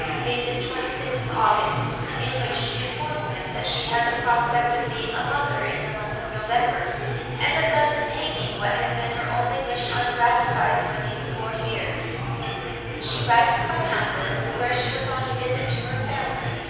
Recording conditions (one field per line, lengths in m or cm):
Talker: one person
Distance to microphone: 7.1 m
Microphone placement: far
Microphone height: 1.7 m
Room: very reverberant, large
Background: babble